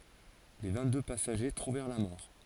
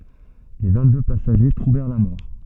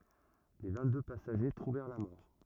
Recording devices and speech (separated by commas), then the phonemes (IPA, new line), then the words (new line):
forehead accelerometer, soft in-ear microphone, rigid in-ear microphone, read sentence
le vɛ̃tdø pasaʒe tʁuvɛʁ la mɔʁ
Les vingt-deux passagers trouvèrent la mort.